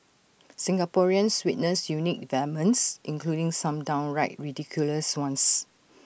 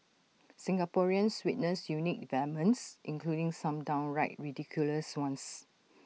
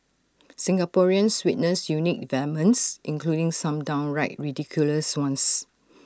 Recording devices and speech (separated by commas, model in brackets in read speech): boundary microphone (BM630), mobile phone (iPhone 6), standing microphone (AKG C214), read sentence